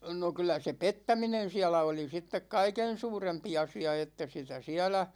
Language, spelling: Finnish, no kyllä se pettäminen siellä oli sitten kaiken suurempi asia että sitä siellä
- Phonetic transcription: no 'kyl̆lä se "pettäminen̬ 'siälä oli 'sittek "kaiken̬ 'suurempi 'asi₍a että 'sitä 'siälä ,.

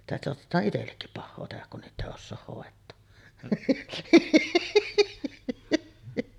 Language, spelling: Finnish, sitä saatetaan itsellekin pahaa tehdä kun niitä ei osaa hoitaa
- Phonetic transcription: sitä soatet̀aaˀ 'ˀitellekkip pahhoo tehäk kun 'niitᵗ ‿èi 'ossooh hòet̆too .

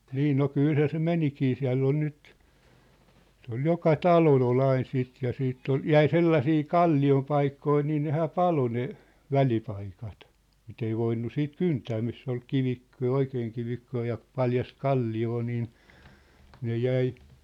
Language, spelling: Finnish, niin no kyllähän se menikin siellä on nyt se oli joka talolla oli aina sitten ja sitten oli jäi sellaisia kalliopaikkoja niin nehän paloi ne välipaikat mitä ei voinut sitten kyntää missä oli kivikko ja oikein kivikkoa ja paljasta kalliota niin ne jäi
- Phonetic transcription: 'niin̆ no , "kylhä se "menikii 'siä̭ll ‿on 'nyt , se ‿ol 'joka "talol ‿o'l ‿ain siit ja 'siitt ‿ol , "jäi 'sellasii "kalli₍opaikkoi nii nehä "palo ne , "välipaikat , 'mit ‿ei 'voinnu 'siit "kyntää 'miss ‿ol "kivikk° ja "oikeeŋ 'kivikkoo ja , 'paljast "kalli₍oo niin , 'ne 'jäi ,.

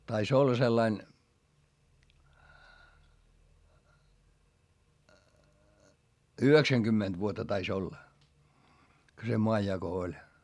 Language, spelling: Finnish, taisi olla sellainen yhdeksänkymmentä vuotta taisi olla kun se maanjako oli
- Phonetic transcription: tais olla sellain , yheksäŋGymmenD vuotta tais ‿olla , ko se moajjako oĺ .

